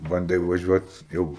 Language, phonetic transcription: Lithuanian, banˈdai vaˈžiuot ˈjau

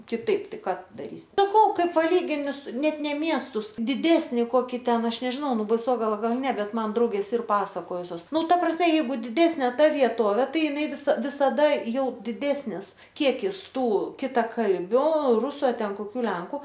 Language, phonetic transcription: Lithuanian, kiˈtaip ˈtai ˈką ˈtu daˈrysi saˈkau ˈkai paˈlygini su ˈnet ˈne ˈmiestus diˈdesni ˈkoki ˈten ˈaš nežˈinau ˈnu baiˈsogala ˈgal ˈne ˈbet ˈman ˈdraugės ˈir ˈpasakojusios ˈnu ˈta prasme jeiˈgu diˈdesnė ˈta vieˈtovė ˈtai iˈnai viˈsa visaˈda ˈjau diˈdesnis ˈkiekis ˈtų kitaˈkalbiu ˈrusu a ˈten koˈkių ˈlenku

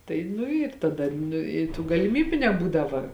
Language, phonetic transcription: Lithuanian, tai ˈnu ir taˈda ˈnu i tų galiˈmybiu neˈbūdava

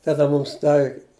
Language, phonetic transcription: Lithuanian, taˈda ˈmūms ˈdav'

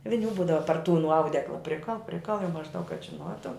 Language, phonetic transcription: Lithuanian, viˈnių ˈbūdava par tų nu ˈaudekla ˈprikal ˈprikal jau mažˈdaug kad žiˈnuotu

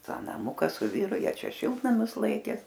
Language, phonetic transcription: Lithuanian, ˈtą naˈmuka su ˈvyru ˈjie ˈčia ˈšiltnamius ˈlaikė

